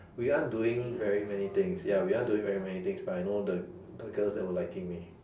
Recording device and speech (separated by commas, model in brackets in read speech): standing microphone, conversation in separate rooms